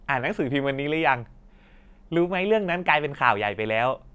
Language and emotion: Thai, happy